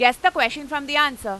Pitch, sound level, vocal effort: 290 Hz, 101 dB SPL, very loud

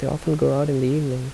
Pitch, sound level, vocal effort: 140 Hz, 78 dB SPL, soft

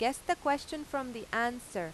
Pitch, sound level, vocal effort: 250 Hz, 92 dB SPL, loud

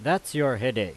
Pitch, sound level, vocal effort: 135 Hz, 94 dB SPL, very loud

